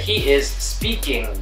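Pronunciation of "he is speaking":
In 'speaking', the ending is said with the ng sound, not an n sound.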